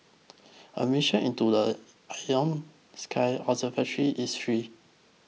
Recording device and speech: mobile phone (iPhone 6), read sentence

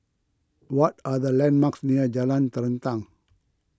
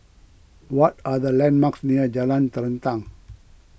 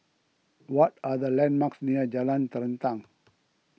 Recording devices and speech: close-talking microphone (WH20), boundary microphone (BM630), mobile phone (iPhone 6), read sentence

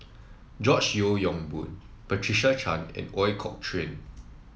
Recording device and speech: mobile phone (iPhone 7), read sentence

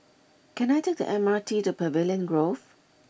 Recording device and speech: boundary microphone (BM630), read sentence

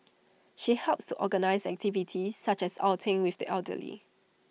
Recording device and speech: mobile phone (iPhone 6), read sentence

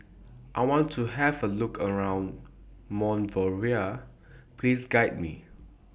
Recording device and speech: boundary microphone (BM630), read sentence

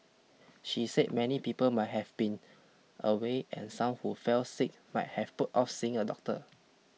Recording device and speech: mobile phone (iPhone 6), read sentence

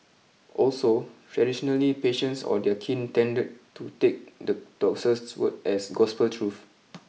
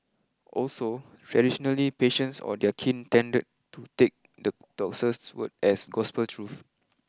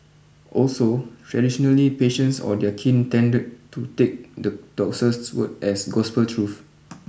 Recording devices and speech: mobile phone (iPhone 6), close-talking microphone (WH20), boundary microphone (BM630), read sentence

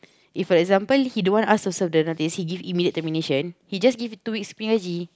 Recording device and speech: close-talking microphone, conversation in the same room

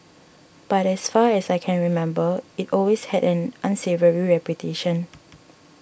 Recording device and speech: boundary microphone (BM630), read sentence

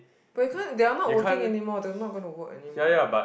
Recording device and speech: boundary microphone, conversation in the same room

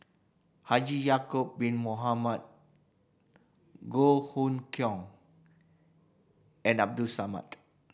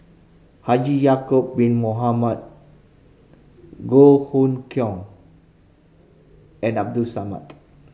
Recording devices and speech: boundary microphone (BM630), mobile phone (Samsung C5010), read sentence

